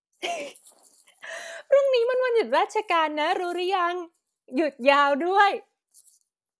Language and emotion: Thai, happy